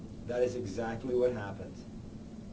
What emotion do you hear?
neutral